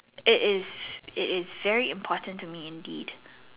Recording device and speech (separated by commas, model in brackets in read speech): telephone, conversation in separate rooms